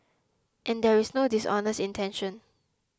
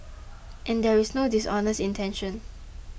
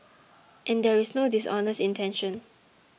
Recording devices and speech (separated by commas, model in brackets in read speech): close-talking microphone (WH20), boundary microphone (BM630), mobile phone (iPhone 6), read sentence